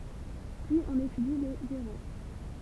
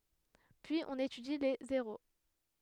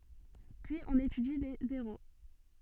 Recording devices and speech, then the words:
temple vibration pickup, headset microphone, soft in-ear microphone, read sentence
Puis on étudie les zéros.

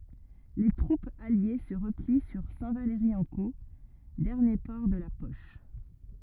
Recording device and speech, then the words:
rigid in-ear microphone, read sentence
Les troupes alliées se replient sur Saint-Valery-en-Caux, dernier port de la poche.

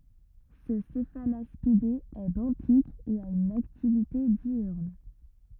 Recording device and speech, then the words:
rigid in-ear microphone, read sentence
Ce Cephalaspidé est benthique et a une activité diurne.

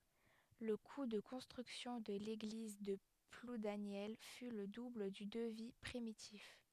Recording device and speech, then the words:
headset microphone, read sentence
Le coût de construction de l'église de Ploudaniel fut le double du devis primitif.

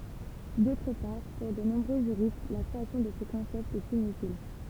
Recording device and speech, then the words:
temple vibration pickup, read sentence
D'autre part, pour de nombreux juristes, la création de ce concept est inutile.

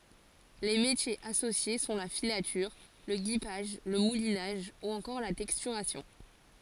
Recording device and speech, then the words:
forehead accelerometer, read sentence
Les métiers associés sont la filature, le guipage, le moulinage ou encore la texturation.

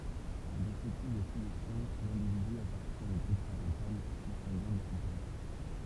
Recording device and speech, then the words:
temple vibration pickup, read sentence
Dans ce type de filiation, l'individu appartient au groupe parental consanguin de son père.

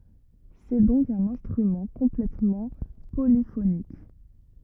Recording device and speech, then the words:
rigid in-ear microphone, read sentence
C’est donc un instrument complètement polyphonique.

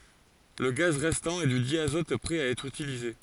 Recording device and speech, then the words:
forehead accelerometer, read sentence
Le gaz restant est du diazote prêt à être utilisé.

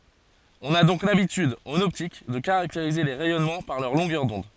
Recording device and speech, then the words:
forehead accelerometer, read sentence
On a donc l'habitude, en optique, de caractériser les rayonnements par leur longueur d'onde.

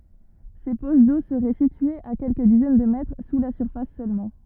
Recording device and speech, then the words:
rigid in-ear microphone, read sentence
Ces poches d'eau seraient situées à quelques dizaines de mètres sous la surface seulement.

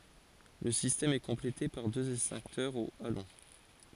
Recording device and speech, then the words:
forehead accelerometer, read sentence
Le système est complété par deux extincteurs au halon.

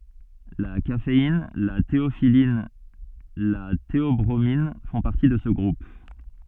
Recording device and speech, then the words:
soft in-ear microphone, read sentence
La caféine, la théophylline, la théobromine font partie de ce groupe.

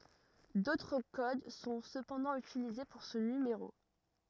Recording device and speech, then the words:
rigid in-ear microphone, read sentence
D'autres codes sont cependant utilisés pour ce numéro.

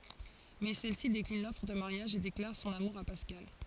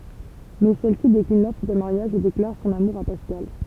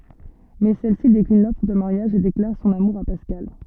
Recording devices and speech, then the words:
forehead accelerometer, temple vibration pickup, soft in-ear microphone, read sentence
Mais celle-ci décline l’offre de mariage et déclare son amour à Pascal.

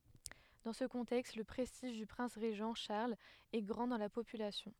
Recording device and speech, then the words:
headset microphone, read sentence
Dans ce contexte, le prestige du prince régent Charles est grand dans la population.

